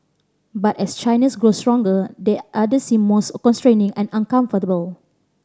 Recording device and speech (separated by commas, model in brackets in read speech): standing microphone (AKG C214), read sentence